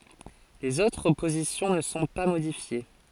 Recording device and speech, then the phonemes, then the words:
forehead accelerometer, read sentence
lez otʁ pozisjɔ̃ nə sɔ̃ pa modifje
Les autres positions ne sont pas modifiées.

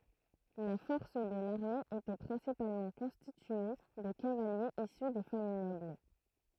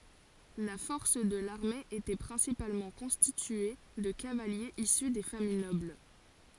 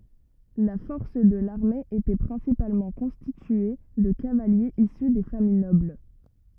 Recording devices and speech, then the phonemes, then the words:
throat microphone, forehead accelerometer, rigid in-ear microphone, read sentence
la fɔʁs də laʁme etɛ pʁɛ̃sipalmɑ̃ kɔ̃stitye də kavaljez isy de famij nɔbl
La force de l’armée était principalement constituée de cavaliers issus des familles nobles.

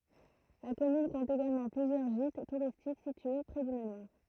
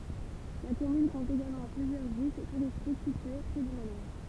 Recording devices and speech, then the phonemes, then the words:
throat microphone, temple vibration pickup, read sentence
la kɔmyn kɔ̃t eɡalmɑ̃ plyzjœʁ ʒit tuʁistik sitye pʁɛ dy manwaʁ
La commune compte également plusieurs gîtes touristiques situés près du manoir.

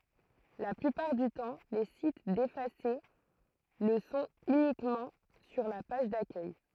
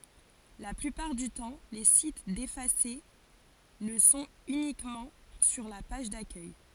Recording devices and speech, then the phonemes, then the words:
throat microphone, forehead accelerometer, read sentence
la plypaʁ dy tɑ̃ le sit defase lə sɔ̃t ynikmɑ̃ syʁ la paʒ dakœj
La plupart du temps, les sites défacés le sont uniquement sur la page d'accueil.

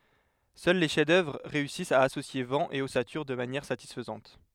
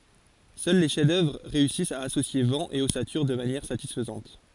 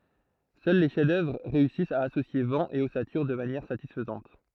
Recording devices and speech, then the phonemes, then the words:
headset microphone, forehead accelerometer, throat microphone, read sentence
sœl le ʃɛfzdœvʁ ʁeysist a asosje vɑ̃ e ɔsatyʁ də manjɛʁ satisfəzɑ̃t
Seuls les chefs-d'œuvre réussissent à associer vent et ossature de manière satisfaisante.

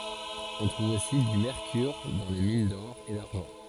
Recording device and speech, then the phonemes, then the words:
forehead accelerometer, read sentence
ɔ̃ tʁuv osi dy mɛʁkyʁ dɑ̃ le min dɔʁ e daʁʒɑ̃
On trouve aussi du mercure dans les mines d'or et d'argent.

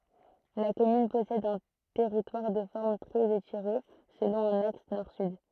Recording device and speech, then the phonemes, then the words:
throat microphone, read sentence
la kɔmyn pɔsɛd œ̃ tɛʁitwaʁ də fɔʁm tʁɛz etiʁe səlɔ̃ œ̃n aks nɔʁ syd
La commune possède un territoire de forme très étirée, selon un axe nord-sud.

